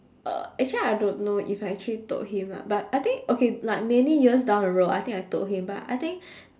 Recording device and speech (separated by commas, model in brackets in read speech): standing microphone, conversation in separate rooms